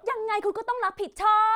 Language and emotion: Thai, angry